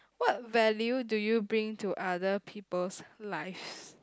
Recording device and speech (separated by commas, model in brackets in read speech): close-talking microphone, conversation in the same room